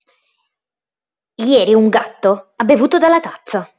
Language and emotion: Italian, angry